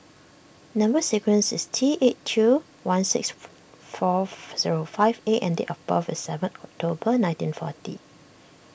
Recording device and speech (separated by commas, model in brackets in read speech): boundary microphone (BM630), read sentence